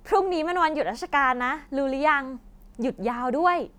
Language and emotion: Thai, happy